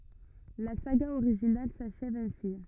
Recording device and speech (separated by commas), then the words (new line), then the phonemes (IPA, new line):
rigid in-ear microphone, read sentence
La saga originale s’achève ainsi.
la saɡa oʁiʒinal saʃɛv ɛ̃si